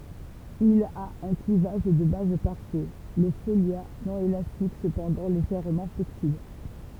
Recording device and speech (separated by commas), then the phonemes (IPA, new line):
temple vibration pickup, read sentence
il a œ̃ klivaʒ də baz paʁfɛ lə folja nɔ̃ elastik səpɑ̃dɑ̃ leʒɛʁmɑ̃ flɛksibl